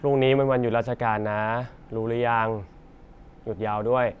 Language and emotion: Thai, neutral